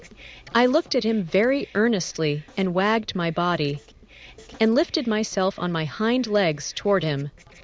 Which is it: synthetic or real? synthetic